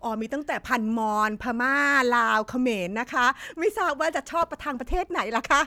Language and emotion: Thai, happy